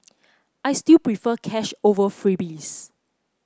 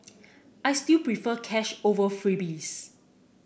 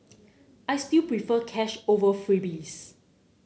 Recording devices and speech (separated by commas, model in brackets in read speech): close-talking microphone (WH30), boundary microphone (BM630), mobile phone (Samsung C9), read sentence